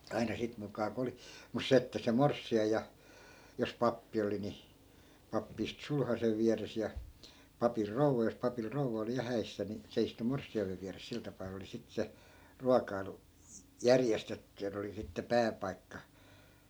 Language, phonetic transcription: Finnish, aina 'sit muk̆kaa ko oli , mus 'se että se "morssi₍aj ja , jos 'pappi oli ni , 'pappi istᵘ "sulhasev̆ viäres ja , 'papir "rouva jos 'papil 'rouva oli ja "häissä ni , 'se istu 'morssi₍aimev̆ viäres 'sil tapaa oli 'sit 'se , "ruakailu , "järjestetty ja 'ne oli sitte 'pääpaikka .
- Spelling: aina sitä mukaa kun oli mutta se että se morsian ja jos pappi oli niin pappi istui sulhasen vieressä ja papin rouva jos papilla rouva oli ja häissä niin se istui morsiamen vieressä sillä tapaa oli sitten se ruokailu järjestetty ja ne oli sitten pääpaikka

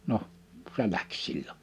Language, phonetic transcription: Finnish, 'noʰ , se 'läks 'sil͕l͕o .
- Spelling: no se lähti silloin

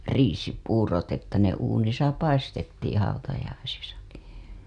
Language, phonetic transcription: Finnish, 'riisipuurot että ne 'uunisa "paistettiiḭ hautajaisisaki .
- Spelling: riisipuurot että ne uunissa paistettiin hautajaisissakin

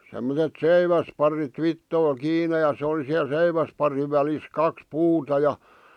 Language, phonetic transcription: Finnish, semmotet "seiväsparit 'vittoil "kiine ja se oˡi siäl "seiväspariv välis 'kaks 'puuta ja ,.
- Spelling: semmoiset seiväsparit vitsoilla kiinni ja se oli siellä seiväsparin välissä kaksi puuta ja

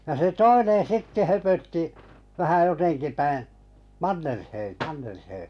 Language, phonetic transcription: Finnish, ja se "toinen̬ 'sitte 'höpötti , vähä 'jotenki päiḭ , 'Mannerhei 'Mannerhei .
- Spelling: ja se toinen sitten höpötti vähän jotenkin päin Mannerheim Mannerheim

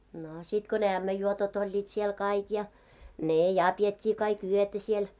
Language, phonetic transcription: Finnish, no 'sit ko ne 'ämmäjjuotot ‿oĺĺiit siel 'kaik ja , "nè 'ja piet́t́ii kaik 'yötä siel .
- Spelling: no sitten kun ne ämmänjuotot olivat siellä kaikki ja ne ja pidettiin kaikki yötä siellä

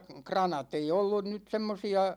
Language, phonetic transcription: Finnish, kranat ‿ei 'ollun nyt 'semmosi₍a ,.
- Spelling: kranat ei ollut nyt semmoisia

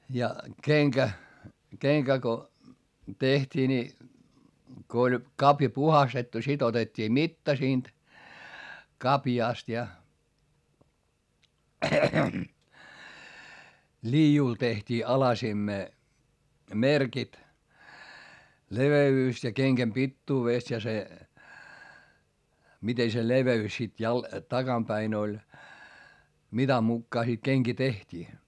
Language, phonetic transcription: Finnish, ja keŋkä , keŋkä ko , teht́ii ni , ko oĺ , kapja puhastettu - sit ‿otettii mitta siint , kapjàst ja , liijul teht́ii alasimmee , merkit , leve₍yys ja keŋkäm pittuuvèst ja se , mite se leve₍ys sit jal- , taGampäin ‿oĺ , mita mukkaa sit keŋki teht́ii .
- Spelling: ja kenkä kenkä kun tehtiin niin kun oli kavio puhdistettu sitten otettiin mitta siitä kaviosta ja liidulla tehtiin alasimeen merkit leveys ja kengän pituudesta ja se miten se leveys sitten - takanapäin oli mitan mukaan sitten kenkiä tehtiin

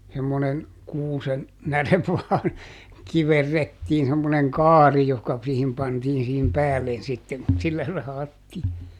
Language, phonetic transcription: Finnish, semmonen , "kuusen , ˈnärev vaan , ˈkiverrettiin semmoneŋ "kaari johka ‿k- siihim ˈpantiin siihim "päällen sittem mut ˈsillä ˈsahattii .
- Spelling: semmoinen kuusen näre vain kiverrettiin semmoinen kaari johon - siihen pantiin siihen päälle sitten mutta sillä sahattiin

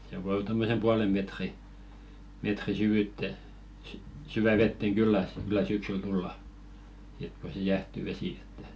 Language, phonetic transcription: Finnish, se 'voi tommose "pualem metri , metri 'syvỳtte , s- syvä 'vetteŋ "ɢyllä , kyl̀ä 'syksyl "tulla , sit ko se "jähty 'vesi ᴇttᴀ̈ .
- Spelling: se voi tuommoisen puolen metrin metrin syvyyteen - syvään veteen kyllä kyllä syksyllä tulla sitten kun se jäähtyy vesi että

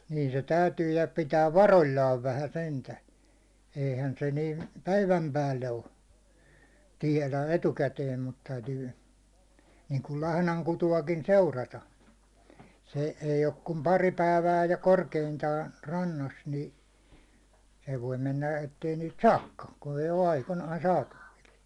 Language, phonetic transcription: Finnish, niin̬ se 'täytyy ja pitääv "varol̜l̜aav vähä 'sentä , eihän se niin , "päiväm 'päälle o , 'tiɛlä 'etukäteem mut täytyy , niiŋkul 'lahnaŋ kutu₍akin "seurata , se 'eij ‿ok kum "pari 'pä̀i̬vää ja 'korkeintaan , 'rannas ni , se voi mennä ettei niit "saakkaan , kun ‿ei o 'aikonaan "saatavil .
- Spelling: niin se täytyy ja pitää varuillaan vähän sentään eihän se niin päivän päälle ole tiedä etukäteen mutta täytyy niin kuin lahnan kutuakin seurata se ei ole kuin pari päivää ja korkeintaan rannassa niin se voi mennä että ei niitä saakaan kun ei ole aikoinaan saatavilla

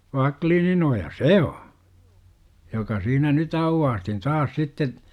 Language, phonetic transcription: Finnish, 'Vakliininoja "se o , joka siinä 'nyt "auwwaastin 'taas sitte , .
- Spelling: Wacklininoja se on joka siinä nyt aukaistiin taas sitten

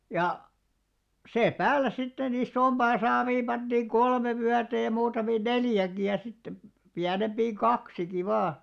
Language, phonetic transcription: Finnish, ja , 'sè 'päälläs̆ sitte'n ‿issoompaan̬ saaviim 'ʙanᴅiiŋ "ɢolme vyätä ja 'muutamiin "neljäki ja sitte , 'ʙiänemʙiiŋ "ɢaksiki 'vaa .
- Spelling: ja se päällä sitten isompaan saaviin pantiin kolme vyötä ja muutamiin neljäkin ja sitten pienempiin kaksikin vain

